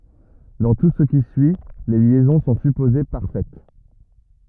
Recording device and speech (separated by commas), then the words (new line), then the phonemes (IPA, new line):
rigid in-ear microphone, read sentence
Dans tout ce qui suit, les liaisons sont supposées parfaites.
dɑ̃ tu sə ki syi le ljɛzɔ̃ sɔ̃ sypoze paʁfɛt